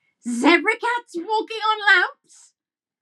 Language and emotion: English, disgusted